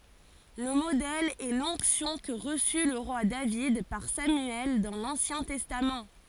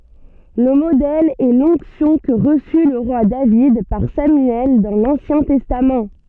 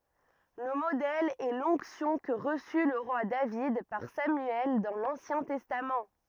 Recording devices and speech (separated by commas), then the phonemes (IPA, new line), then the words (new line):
forehead accelerometer, soft in-ear microphone, rigid in-ear microphone, read sentence
lə modɛl ɛ lɔ̃ksjɔ̃ kə ʁəsy lə ʁwa david paʁ samyɛl dɑ̃ lɑ̃sjɛ̃ tɛstam
Le modèle est l'onction que reçut le roi David par Samuel dans l'Ancien Testament.